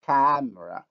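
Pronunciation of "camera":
'camera' is said without nasalization.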